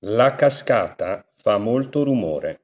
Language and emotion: Italian, neutral